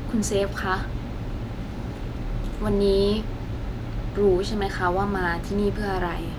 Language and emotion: Thai, sad